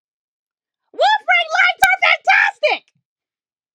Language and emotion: English, angry